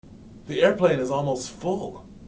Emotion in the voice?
neutral